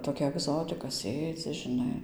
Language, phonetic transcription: Lithuanian, toˈkia agˈzotika ˈsėdzi žiˈnai

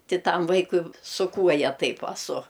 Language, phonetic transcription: Lithuanian, ˈti ˈtam ˈvaikui su ˈkuoja ˈtaip aˈsu

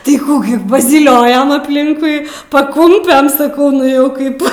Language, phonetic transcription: Lithuanian, tai ˈkų gi pazyˈliojom apˈlinkui paˈkumpen saˈkau ˈnu jau ˈkaip

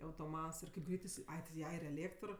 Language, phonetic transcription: Lithuanian, autoˈmats ir kaip ˈgreit iˈsi ˈai ti ˈja ir eˈlėktr

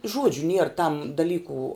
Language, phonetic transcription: Lithuanian, ˈžuodžiu nier tam daˈlyku

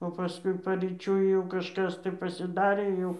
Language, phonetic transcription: Lithuanian, o paˈskui paryˈčiui jau kažˈkas tai pasiˈdarė ˈjau

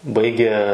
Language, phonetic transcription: Lithuanian, ˈbaigė

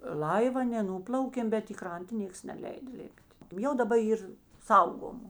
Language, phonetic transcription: Lithuanian, ˈlaiv a ne ˈnūplaukėm bet i ˈkranta ˈnėks neˈleida ˈlipˈt' ˈjau daˈba ˈyr ˈsaugomu

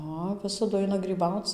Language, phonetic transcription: Lithuanian, ˈa ˈvisadu ˈaina gryˈbauc

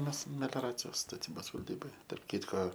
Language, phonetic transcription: Lithuanian, ˈmes melioˈracijos staˈtybos valˈdyboje tarp ˈkytko

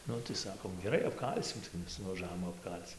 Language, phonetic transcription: Lithuanian, ˈnu tai ˈsakom geˈrai apˈkalsim tai ˈmes nuvaˈžavom apˈkal'c

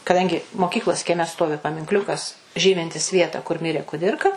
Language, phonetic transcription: Lithuanian, kaˈdangi moˈkyklos kieˈme ˈstovi paminkˈliukas ˈžymintis ˈvietą kur ˈmirė kuˈdirka

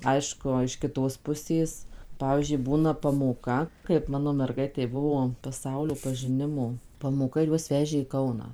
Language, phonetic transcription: Lithuanian, ˈaišku iš kiˈtos puˈsės ˈpavyzdžiui ˈbūna pamoˈka kaip ˈmano merˈgaitei ˈbuvo paˈsaulio pažiˈnimo pamoˈka ir ˈjuos ˈvežė į ˈkauną

